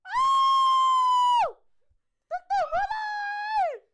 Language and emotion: Thai, happy